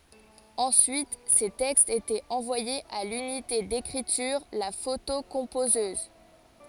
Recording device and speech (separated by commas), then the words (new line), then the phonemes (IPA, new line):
forehead accelerometer, read sentence
Ensuite, ces textes étaient envoyés à l'unité d'écriture, la photocomposeuse.
ɑ̃syit se tɛkstz etɛt ɑ̃vwajez a lynite dekʁityʁ la fotokɔ̃pozøz